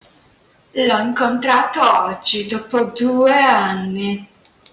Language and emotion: Italian, disgusted